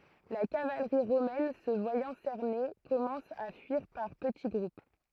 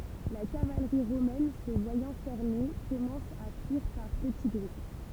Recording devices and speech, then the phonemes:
throat microphone, temple vibration pickup, read sentence
la kavalʁi ʁomɛn sə vwajɑ̃ sɛʁne kɔmɑ̃s a fyiʁ paʁ pəti ɡʁup

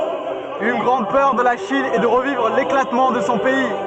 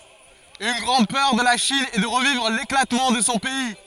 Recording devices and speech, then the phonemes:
soft in-ear microphone, forehead accelerometer, read sentence
yn ɡʁɑ̃d pœʁ də la ʃin ɛ də ʁəvivʁ leklatmɑ̃ də sɔ̃ pɛi

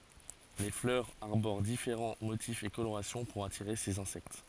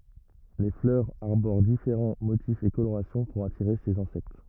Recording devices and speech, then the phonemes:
forehead accelerometer, rigid in-ear microphone, read sentence
le flœʁz aʁboʁ difeʁɑ̃ motifz e koloʁasjɔ̃ puʁ atiʁe sez ɛ̃sɛkt

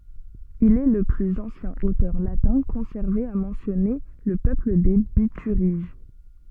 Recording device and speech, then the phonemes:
soft in-ear microphone, read sentence
il ɛ lə plyz ɑ̃sjɛ̃ otœʁ latɛ̃ kɔ̃sɛʁve a mɑ̃sjɔne lə pøpl de bityʁiʒ

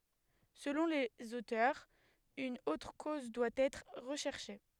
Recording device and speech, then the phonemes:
headset microphone, read sentence
səlɔ̃ lez otœʁz yn otʁ koz dwa ɛtʁ ʁəʃɛʁʃe

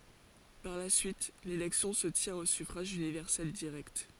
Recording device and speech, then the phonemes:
forehead accelerometer, read sentence
paʁ la syit lelɛksjɔ̃ sə tjɛ̃t o syfʁaʒ ynivɛʁsɛl diʁɛkt

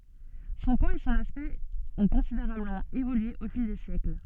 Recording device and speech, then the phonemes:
soft in-ear microphone, read sentence
sɔ̃ pwaz e sɔ̃n aspɛkt ɔ̃ kɔ̃sideʁabləmɑ̃ evolye o fil de sjɛkl

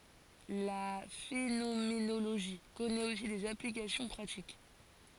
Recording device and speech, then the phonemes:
forehead accelerometer, read sentence
la fenomenoloʒi kɔnɛt osi dez aplikasjɔ̃ pʁatik

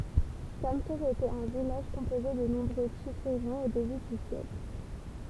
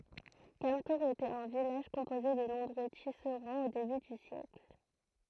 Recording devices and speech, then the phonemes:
temple vibration pickup, throat microphone, read sentence
kamtuʁz etɛt œ̃ vilaʒ kɔ̃poze də nɔ̃bʁø tisʁɑ̃z o deby dy sjɛkl

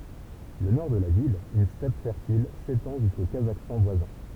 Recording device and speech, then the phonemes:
temple vibration pickup, read sentence
lə nɔʁ də la vil yn stɛp fɛʁtil setɑ̃ ʒysko kazakstɑ̃ vwazɛ̃

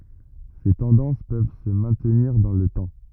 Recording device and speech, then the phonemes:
rigid in-ear microphone, read sentence
se tɑ̃dɑ̃s pøv sə mɛ̃tniʁ dɑ̃ lə tɑ̃

